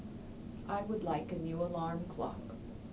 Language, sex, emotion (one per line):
English
female
neutral